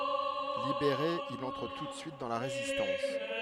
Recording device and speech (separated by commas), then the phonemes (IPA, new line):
headset microphone, read sentence
libeʁe il ɑ̃tʁ tu də syit dɑ̃ la ʁezistɑ̃s